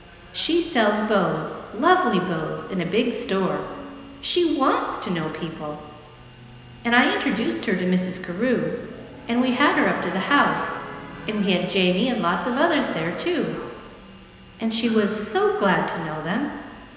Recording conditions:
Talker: one person; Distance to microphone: 1.7 m; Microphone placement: close; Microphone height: 1.0 m; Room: very reverberant, large; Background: television

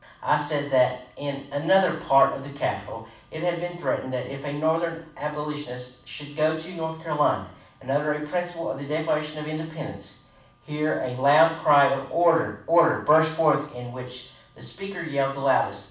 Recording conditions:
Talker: one person; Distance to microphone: 5.8 m; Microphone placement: far; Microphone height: 1.8 m; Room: medium-sized (5.7 m by 4.0 m); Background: none

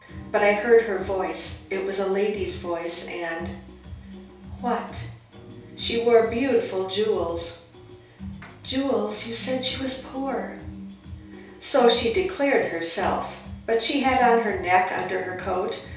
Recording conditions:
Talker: one person; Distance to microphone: 3.0 m; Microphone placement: far; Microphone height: 1.8 m; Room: small (3.7 m by 2.7 m); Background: music

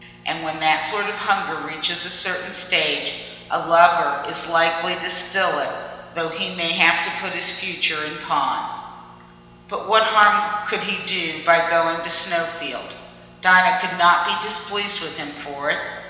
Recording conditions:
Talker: one person; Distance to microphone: 1.7 m; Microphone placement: close; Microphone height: 1.0 m; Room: very reverberant, large; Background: none

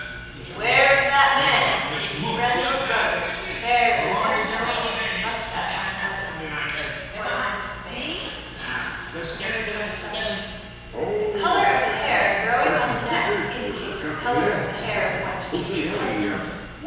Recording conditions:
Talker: one person; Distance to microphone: 7.1 m; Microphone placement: far; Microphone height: 1.7 m; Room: very reverberant, large; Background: television

